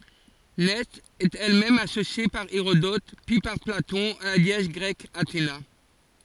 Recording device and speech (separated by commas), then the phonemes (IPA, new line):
forehead accelerometer, read sentence
nɛ ɛt ɛl mɛm asosje paʁ eʁodɔt pyi paʁ platɔ̃ a la deɛs ɡʁɛk atena